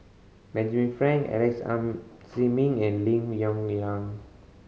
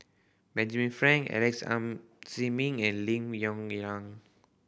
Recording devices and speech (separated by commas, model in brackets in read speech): mobile phone (Samsung C5010), boundary microphone (BM630), read sentence